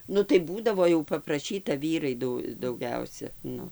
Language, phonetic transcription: Lithuanian, ˈnu tai ˈbūdavo jau papraˈšyta ˈvyrai ˈdu dauˈgiausia ˈnu

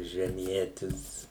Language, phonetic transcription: Lithuanian, žeˈmietis

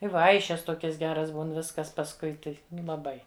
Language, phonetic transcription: Lithuanian, i ˈvaišes ˈtokias ˈgeras ˈbūn ˈviskas pasˈkui tai ˈnu laˈbai

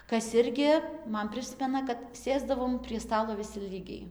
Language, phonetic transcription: Lithuanian, ˈkas ˈirgi ˈman ˈprismena kad ˈsėsdavom prie ˈstalo viˈsi ˈlygiai

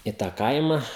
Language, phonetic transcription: Lithuanian, i ˈtą ˈkaima

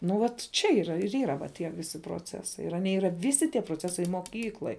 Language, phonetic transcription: Lithuanian, nu ˈvat ˈčia yˈra ir ˈyra tie ˈvisi proˈcesai ir aˈnie ˈyra ˈvisi tie proˈcesai moˈkykloj

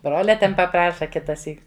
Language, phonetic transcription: Lithuanian, ˈbrolia ˈten paˈpraša ˈkitaˌsyk

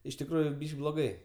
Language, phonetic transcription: Lithuanian, iš tikˈrųju bloˈgai

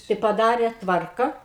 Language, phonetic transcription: Lithuanian, tai paˈdarė ˈtvarka

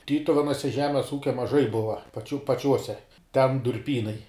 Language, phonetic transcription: Lithuanian, ˈtytuvenuose ˈžemes ˈūkia maˈžai ˈbuva paˈčių paˈčiuose ten durˈpynai

